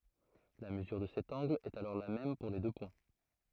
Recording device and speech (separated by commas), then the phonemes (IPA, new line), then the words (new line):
throat microphone, read sentence
la məzyʁ də sɛt ɑ̃ɡl ɛt alɔʁ la mɛm puʁ le dø pwɛ̃
La mesure de cet angle est alors la même pour les deux points.